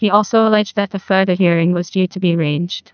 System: TTS, neural waveform model